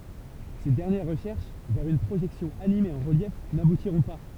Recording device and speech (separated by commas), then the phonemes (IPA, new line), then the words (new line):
temple vibration pickup, read sentence
se dɛʁnjɛʁ ʁəʃɛʁʃ vɛʁ yn pʁoʒɛksjɔ̃ anime ɑ̃ ʁəljɛf nabutiʁɔ̃ pa
Ces dernières recherches vers une projection animée en relief n'aboutiront pas.